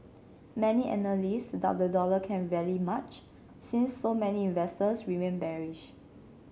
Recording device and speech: mobile phone (Samsung C7), read sentence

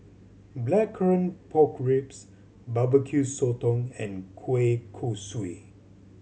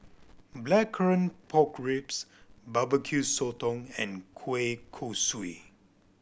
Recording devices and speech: mobile phone (Samsung C7100), boundary microphone (BM630), read sentence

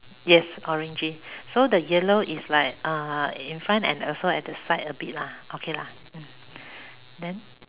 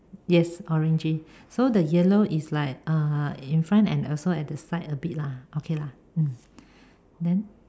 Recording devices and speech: telephone, standing microphone, conversation in separate rooms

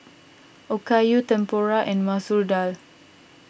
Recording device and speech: boundary microphone (BM630), read sentence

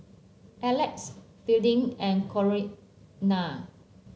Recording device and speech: mobile phone (Samsung C7), read sentence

